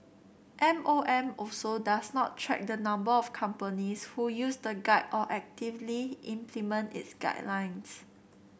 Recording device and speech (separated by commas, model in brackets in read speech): boundary microphone (BM630), read sentence